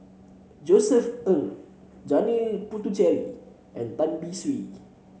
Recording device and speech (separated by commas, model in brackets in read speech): mobile phone (Samsung C7), read sentence